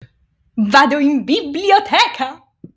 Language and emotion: Italian, happy